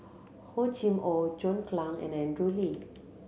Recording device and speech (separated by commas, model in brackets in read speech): mobile phone (Samsung C7100), read sentence